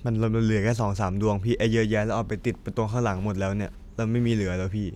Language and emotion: Thai, neutral